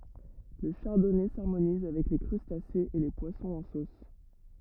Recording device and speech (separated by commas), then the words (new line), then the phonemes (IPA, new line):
rigid in-ear microphone, read sentence
Le Chardonnay s'harmonise avec les crustacés et les poissons en sauce.
lə ʃaʁdɔnɛ saʁmoniz avɛk le kʁystasez e le pwasɔ̃z ɑ̃ sos